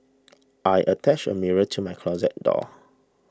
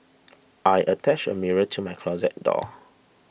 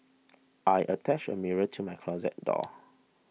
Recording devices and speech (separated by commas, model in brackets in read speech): standing microphone (AKG C214), boundary microphone (BM630), mobile phone (iPhone 6), read sentence